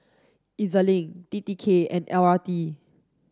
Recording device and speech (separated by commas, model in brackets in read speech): standing microphone (AKG C214), read sentence